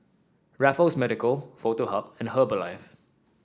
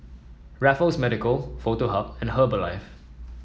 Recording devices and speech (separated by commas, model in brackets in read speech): standing microphone (AKG C214), mobile phone (iPhone 7), read sentence